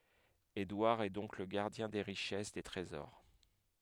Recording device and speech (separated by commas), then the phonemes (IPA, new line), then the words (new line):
headset microphone, read sentence
edwaʁ ɛ dɔ̃k lə ɡaʁdjɛ̃ de ʁiʃɛs de tʁezɔʁ
Édouard est donc le gardien des richesses, des trésors.